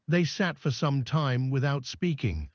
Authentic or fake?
fake